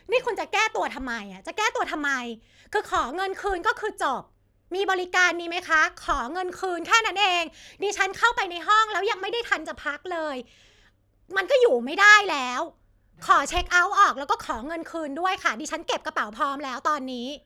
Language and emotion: Thai, angry